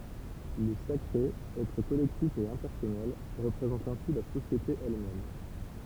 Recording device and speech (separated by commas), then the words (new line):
temple vibration pickup, read sentence
Le sacré, être collectif et impersonnel, représente ainsi la société elle-même.